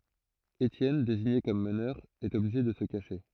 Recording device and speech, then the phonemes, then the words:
throat microphone, read sentence
etjɛn deziɲe kɔm mənœʁ ɛt ɔbliʒe də sə kaʃe
Étienne, désigné comme meneur, est obligé de se cacher.

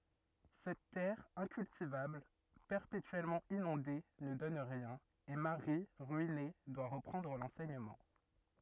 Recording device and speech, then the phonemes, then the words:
rigid in-ear microphone, read sentence
sɛt tɛʁ ɛ̃kyltivabl pɛʁpetyɛlmɑ̃ inɔ̃de nə dɔn ʁiɛ̃n e maʁi ʁyine dwa ʁəpʁɑ̃dʁ lɑ̃sɛɲəmɑ̃
Cette terre incultivable, perpétuellement inondée, ne donne rien, et Marie, ruinée, doit reprendre l’enseignement.

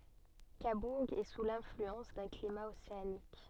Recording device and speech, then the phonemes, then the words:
soft in-ear microphone, read sentence
kabuʁ ɛ su lɛ̃flyɑ̃s dœ̃ klima oseanik
Cabourg est sous l'influence d'un climat océanique.

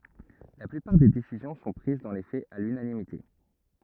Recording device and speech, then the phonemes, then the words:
rigid in-ear microphone, read sentence
la plypaʁ de desizjɔ̃ sɔ̃ pʁiz dɑ̃ le fɛz a lynanimite
La plupart des décisions sont prises dans les faits à l'unanimité.

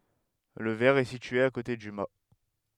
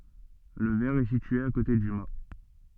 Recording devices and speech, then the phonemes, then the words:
headset microphone, soft in-ear microphone, read sentence
lə vɛʁ ɛ sitye a kote dy ma
Le vert est situé à côté du mât.

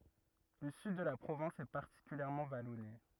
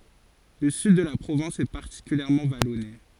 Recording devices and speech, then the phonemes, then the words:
rigid in-ear microphone, forehead accelerometer, read sentence
lə syd də la pʁovɛ̃s ɛ paʁtikyljɛʁmɑ̃ valɔne
Le sud de la province est particulièrement vallonné.

